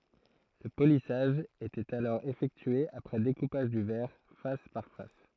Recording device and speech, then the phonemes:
throat microphone, read sentence
lə polisaʒ etɛt alɔʁ efɛktye apʁɛ dekupaʒ dy vɛʁ fas paʁ fas

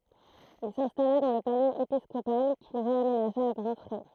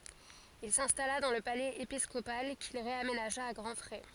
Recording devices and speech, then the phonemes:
throat microphone, forehead accelerometer, read sentence
il sɛ̃stala dɑ̃ lə palɛz episkopal kil ʁeamenaʒa a ɡʁɑ̃ fʁɛ

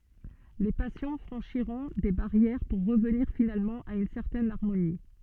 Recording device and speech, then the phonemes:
soft in-ear microphone, read sentence
le pasjɔ̃ fʁɑ̃ʃiʁɔ̃ de baʁjɛʁ puʁ ʁəvniʁ finalmɑ̃ a yn sɛʁtɛn aʁmoni

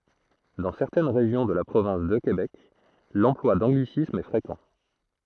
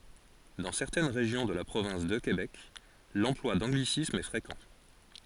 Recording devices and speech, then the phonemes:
throat microphone, forehead accelerometer, read sentence
dɑ̃ sɛʁtɛn ʁeʒjɔ̃ də la pʁovɛ̃s də kebɛk lɑ̃plwa dɑ̃ɡlisismz ɛ fʁekɑ̃

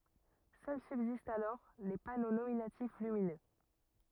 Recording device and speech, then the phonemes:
rigid in-ear microphone, read sentence
sœl sybzistt alɔʁ le pano nominatif lyminø

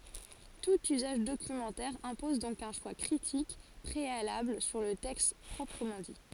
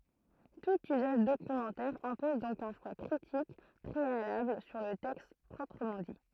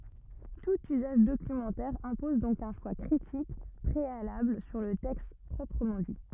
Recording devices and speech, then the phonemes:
forehead accelerometer, throat microphone, rigid in-ear microphone, read sentence
tut yzaʒ dokymɑ̃tɛʁ ɛ̃pɔz dɔ̃k œ̃ ʃwa kʁitik pʁealabl syʁ lə tɛkst pʁɔpʁəmɑ̃ di

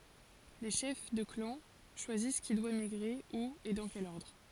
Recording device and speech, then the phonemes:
forehead accelerometer, read sentence
le ʃɛf də klɑ̃ ʃwazis ki dwa miɡʁe u e dɑ̃ kɛl ɔʁdʁ

